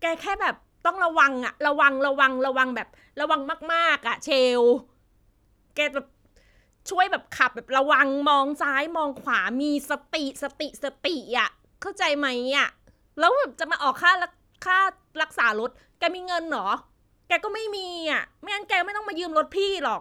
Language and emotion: Thai, frustrated